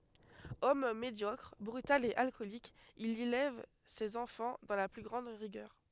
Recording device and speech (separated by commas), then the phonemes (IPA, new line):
headset microphone, read sentence
ɔm medjɔkʁ bʁytal e alkɔlik il elɛv sez ɑ̃fɑ̃ dɑ̃ la ply ɡʁɑ̃d ʁiɡœʁ